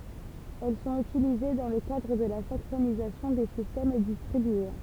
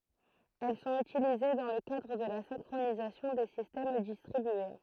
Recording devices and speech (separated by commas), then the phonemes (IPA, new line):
temple vibration pickup, throat microphone, read sentence
ɛl sɔ̃t ytilize dɑ̃ lə kadʁ də la sɛ̃kʁonizasjɔ̃ de sistɛm distʁibye